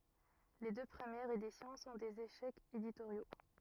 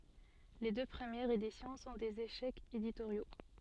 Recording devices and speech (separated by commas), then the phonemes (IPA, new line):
rigid in-ear microphone, soft in-ear microphone, read sentence
le dø pʁəmjɛʁz edisjɔ̃ sɔ̃ dez eʃɛkz editoʁjo